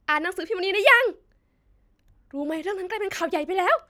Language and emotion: Thai, happy